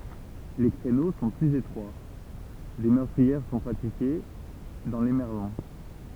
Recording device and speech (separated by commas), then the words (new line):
temple vibration pickup, read sentence
Les créneaux sont plus étroits, des meurtrières sont pratiquées dans les merlons.